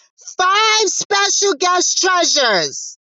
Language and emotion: English, surprised